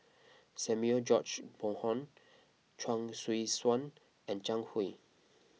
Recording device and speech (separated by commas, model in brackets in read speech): mobile phone (iPhone 6), read sentence